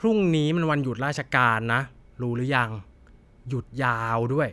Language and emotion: Thai, frustrated